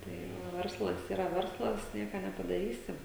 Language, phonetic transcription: Lithuanian, tai ˈva ˈverslas yˈra ˈverslas ˈnieka nepadaˈrysi

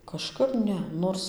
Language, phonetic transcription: Lithuanian, kažˈkap ˈne ˈnors

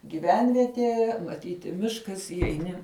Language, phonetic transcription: Lithuanian, gyˈvenvietie maˈtyti ˈmiškas įjeiˈni

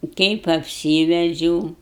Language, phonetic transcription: Lithuanian, kaip apˈsyvedžiau

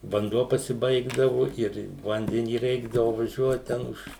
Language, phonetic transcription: Lithuanian, vanˈduo pasiˈbaigdavu ir ˈvandenį ˈreikdavu vaˈžiuot ˈten už

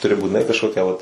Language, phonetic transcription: Lithuanian, tuˈri būtiˈnai kažˈkokia vat

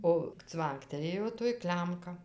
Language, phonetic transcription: Lithuanian, o ˈcvanktelėjo toj ˈklemka

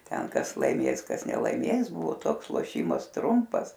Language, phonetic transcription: Lithuanian, ˈten ˈkas laiˈmės ˈkas nelaiˈmės ˈbuvo ˈtoks loˈšymas ˈtrumpas

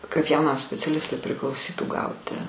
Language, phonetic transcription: Lithuanian, kaip jauˈnam speciaˈlistui priklauˈsytų ˈgauti

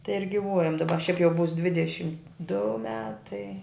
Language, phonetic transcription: Lithuanian, tai ir giˈvuojam daˈba šiaip jau būs ˈdvidešim du ˈmetai

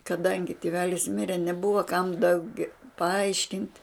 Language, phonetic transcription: Lithuanian, kaˈdangi tiˈvelis ˈmire neˈbuva kam dauˈgia paˈaiškint'

